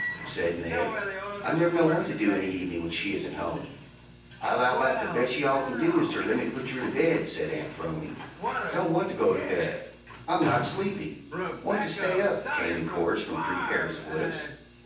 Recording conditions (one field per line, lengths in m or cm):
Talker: one person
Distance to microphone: 9.8 m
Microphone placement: far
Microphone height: 1.8 m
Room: large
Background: television